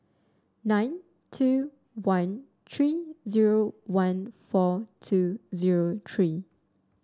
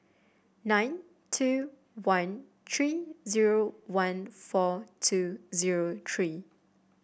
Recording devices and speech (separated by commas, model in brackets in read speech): standing microphone (AKG C214), boundary microphone (BM630), read sentence